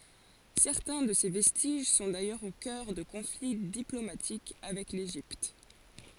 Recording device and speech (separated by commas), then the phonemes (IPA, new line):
forehead accelerometer, read sentence
sɛʁtɛ̃ də se vɛstiʒ sɔ̃ dajœʁz o kœʁ də kɔ̃fli diplomatik avɛk leʒipt